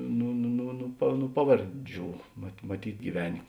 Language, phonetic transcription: Lithuanian, ˈnu nu nu nu pav nu ˈpavarˌdžių mat maˈtyt' gyˈvenė

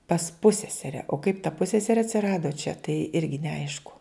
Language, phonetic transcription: Lithuanian, pas ˈpussesere o kaip ta ˈpusseserė atsiˈrado čia tai ˈirgi neˈaišku

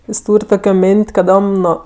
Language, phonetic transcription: Lithuanian, ˈjis ˈtūr' ˈtokio ˈmėn't' kaˈdom ˈno

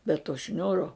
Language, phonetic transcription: Lithuanian, be to ˈšniūro

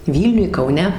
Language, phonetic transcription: Lithuanian, ˈvylniuj kauˈne

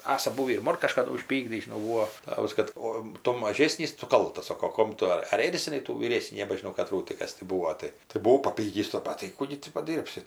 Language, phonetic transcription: Lithuanian, ˈasa ˈbūvį ir ˈmon kažkaˈdu užˈpykdįs ˈtavas ˈkad o ˈtu maˈžėsnys ˈtu ˈkaltas ˈsoko ˈkom tu ar ˈėrzinai tų vyˈrėsnį nebažiˈnau kaˈtrų ti ˈkas ti ˈbūo ˈtai tai buˈvau paˈpykįs tą ˈpatį ˈkų gi ti paˈdyrbsi

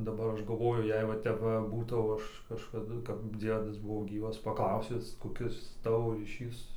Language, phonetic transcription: Lithuanian, daˈbar ˈaš gaˈlvoju ˈjeigu ˈva tep ˈva ˈbūtau ˈaš kažkaˈdu kap ˈdziedas ˈbuvo ˈgyvas paˈklausis koˈkis ˈtavo ryˈšys

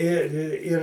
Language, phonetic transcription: Lithuanian, i i i ˈir

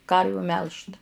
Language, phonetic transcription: Lithuanian, ˈkarvių ˈmelžt

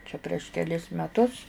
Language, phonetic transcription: Lithuanian, čia prieš keˈlis meˈtus

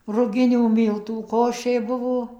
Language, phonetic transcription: Lithuanian, ruˈginių ˈmyltų ˈkošė ˈbuvo

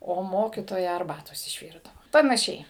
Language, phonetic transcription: Lithuanian, ˈo ˈmokytoja arˈbatos išˈvyrdau panaˈšiai

